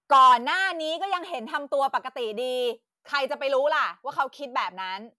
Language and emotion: Thai, angry